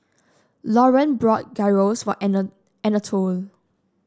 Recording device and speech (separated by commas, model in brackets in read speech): standing microphone (AKG C214), read sentence